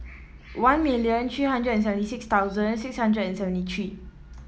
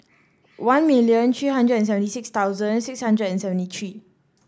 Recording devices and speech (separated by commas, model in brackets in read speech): mobile phone (iPhone 7), standing microphone (AKG C214), read sentence